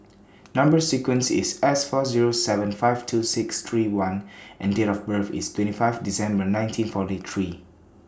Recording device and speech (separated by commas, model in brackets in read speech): standing microphone (AKG C214), read sentence